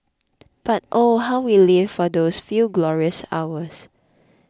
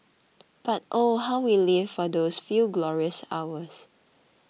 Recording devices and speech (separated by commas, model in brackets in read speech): close-talking microphone (WH20), mobile phone (iPhone 6), read sentence